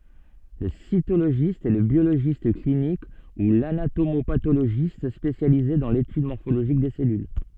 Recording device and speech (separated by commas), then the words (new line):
soft in-ear microphone, read sentence
Le cytologiste est le biologiste clinique ou l'anatomo-pathologiste spécialisé dans l'étude morphologique des cellules.